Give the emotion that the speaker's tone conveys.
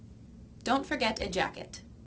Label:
neutral